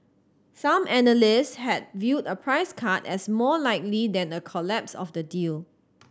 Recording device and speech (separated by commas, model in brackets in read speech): standing microphone (AKG C214), read sentence